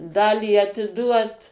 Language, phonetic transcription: Lithuanian, ˈdalį atiˈduot

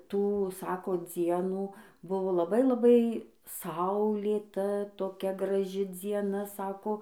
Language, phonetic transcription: Lithuanian, ˈtų ˈsako ˈdzienų ˈbuvo laˈbai laˈbai ˈsaulėta toˈkia graˈži dzieˈna ˈsako

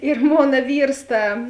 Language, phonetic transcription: Lithuanian, ir ˈmona ˈvyrs ˈta

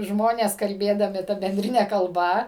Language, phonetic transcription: Lithuanian, ˈžmonės kalˈbėdami ˈta benˈdrine kalˈba

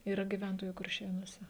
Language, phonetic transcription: Lithuanian, yˈra gyˈventojų kurˈšėnuose

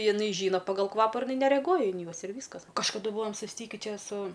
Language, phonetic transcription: Lithuanian, jiˈnai ˈžyna pagal ˈkvapa ir iˈnai nereˈguoja in ˈjuos ir ˈvyskas kažkaˈdu ˈbūvom susˈtyki ˈčia su

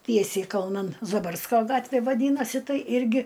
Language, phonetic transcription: Lithuanian, ˈtiesiai kalˈnan zaˈbarsko ˈgatvė vaˈdynasi ˈtai ˈirgi

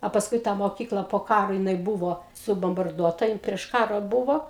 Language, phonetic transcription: Lithuanian, a pasˈkui ˈtą moˈkykla po ˈkaro jiˈnai ˈbuvo subombarˈduota ˈjin prieš ˈkaro ˈbuvo

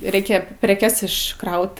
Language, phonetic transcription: Lithuanian, ˈreikia preˈkes išˈkraut

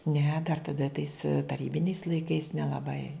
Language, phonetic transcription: Lithuanian, ne dar taˈda tais taˈrybiniais laiˈkais nelaˈbai

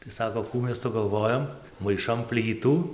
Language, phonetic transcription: Lithuanian, tai ˈsako ˈkų ˈmes sugalˈvojom maiˈšam ˈplytų

